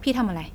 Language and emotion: Thai, neutral